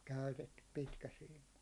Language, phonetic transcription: Finnish, käytettyp 'pitkäsiim̆ma .
- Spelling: käytetty pitkäsiima

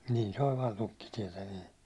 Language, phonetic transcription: Finnish, nin se oĺ 'vaan "tukkitiɛtä nii .
- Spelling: niin se oli vain tukkitietä niin

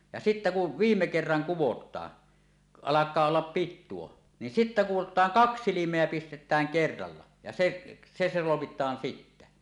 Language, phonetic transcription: Finnish, ja sittä ku , "viimme 'kerraŋ "kuwot̀aa , 'alak̆kaa ollap "pittuo , ni sittä 'kuwot̀aaŋ "kaks 'silim̀eä 'pistet̆tääŋ "kerralla , ja seˀ , se 'solomit̆taan 'sittä .
- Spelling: ja sitten kun viime kerran kudotaan alkaa olla pituus niin sitten kudotaan kaksi silmää pistetään kerralla ja se se solmitaan sitten

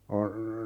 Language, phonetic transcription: Finnish, on , .
- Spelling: on

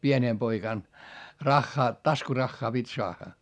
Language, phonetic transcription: Finnish, pienèm poikàn , raχχaa , taskuraχχaa pit́ soaχχa .
- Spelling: pienenä poikana rahaa taskurahaa piti saada

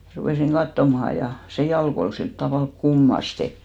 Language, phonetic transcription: Finnish, rupèsiŋ 'kattomaha ja , se 'jalk ‿ol 'silt tavàlk "kummaste .
- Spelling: rupesin katsomaan ja se jalka oli sillä tavalla kummasti

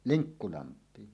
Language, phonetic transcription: Finnish, Liŋkkulamp̀iin .
- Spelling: Linkkulampiin

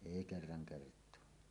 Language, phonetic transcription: Finnish, èi kerraŋ kert̀oa .
- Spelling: ei kerran kertaa

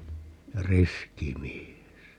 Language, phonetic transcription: Finnish, ja "riski 'mies .
- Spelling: ja riski mies

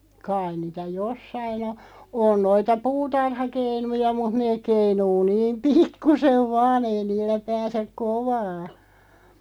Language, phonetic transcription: Finnish, 'kaiⁿ niitä "jossain ‿o , 'on 'noita "puutarha'keinuja mut 'neeᵏ keinuu 'niim "pikkusev 'vaan ‿ei 'niillä 'pääsek "kovaa .
- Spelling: kai niitä jossakin on on noita puutarhakeinuja mutta ne keinuu niin pikkuisen vain ei niillä pääse kovaa

